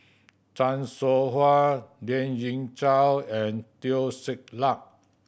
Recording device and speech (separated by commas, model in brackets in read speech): boundary microphone (BM630), read sentence